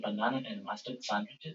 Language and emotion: English, surprised